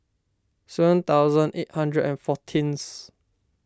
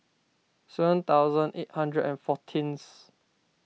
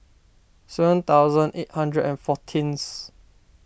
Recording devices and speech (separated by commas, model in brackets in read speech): standing microphone (AKG C214), mobile phone (iPhone 6), boundary microphone (BM630), read sentence